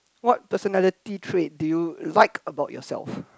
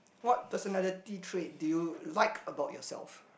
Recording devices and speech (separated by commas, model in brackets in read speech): close-talking microphone, boundary microphone, conversation in the same room